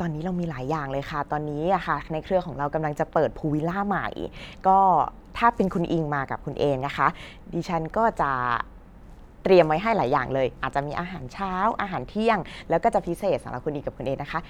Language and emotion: Thai, happy